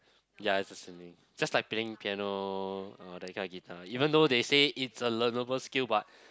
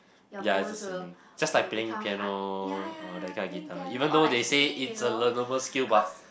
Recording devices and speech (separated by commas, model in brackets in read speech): close-talking microphone, boundary microphone, conversation in the same room